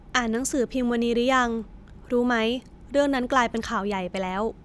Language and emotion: Thai, neutral